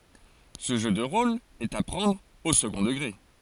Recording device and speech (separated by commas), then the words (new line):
forehead accelerometer, read sentence
Ce jeu de rôle est à prendre au second degré.